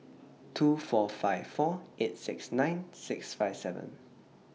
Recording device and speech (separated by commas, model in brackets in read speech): mobile phone (iPhone 6), read sentence